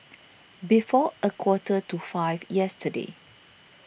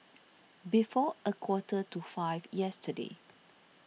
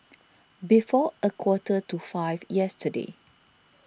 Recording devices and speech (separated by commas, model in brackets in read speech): boundary microphone (BM630), mobile phone (iPhone 6), standing microphone (AKG C214), read sentence